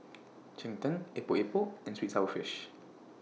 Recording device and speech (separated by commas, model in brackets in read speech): mobile phone (iPhone 6), read sentence